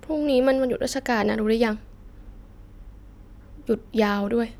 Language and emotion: Thai, frustrated